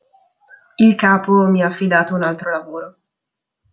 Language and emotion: Italian, sad